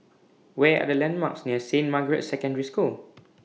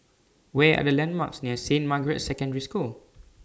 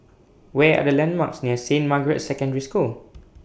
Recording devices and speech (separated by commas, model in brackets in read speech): mobile phone (iPhone 6), standing microphone (AKG C214), boundary microphone (BM630), read sentence